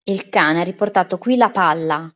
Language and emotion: Italian, neutral